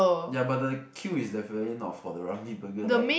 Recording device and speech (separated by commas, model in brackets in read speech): boundary microphone, conversation in the same room